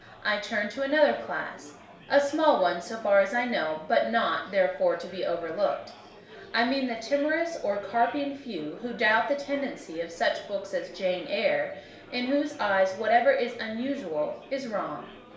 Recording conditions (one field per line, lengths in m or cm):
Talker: one person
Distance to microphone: 1.0 m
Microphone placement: close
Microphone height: 1.1 m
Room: small (3.7 m by 2.7 m)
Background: babble